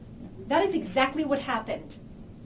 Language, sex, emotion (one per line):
English
female
disgusted